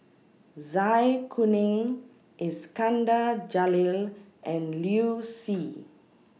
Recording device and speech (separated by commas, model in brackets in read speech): mobile phone (iPhone 6), read sentence